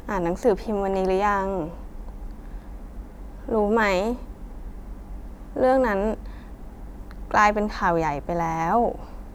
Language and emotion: Thai, sad